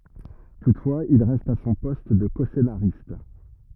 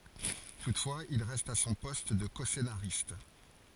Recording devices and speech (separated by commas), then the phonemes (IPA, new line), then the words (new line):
rigid in-ear microphone, forehead accelerometer, read sentence
tutfwaz il ʁɛst a sɔ̃ pɔst də kɔsenaʁist
Toutefois, il reste à son poste de coscénariste.